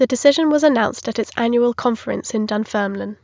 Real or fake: real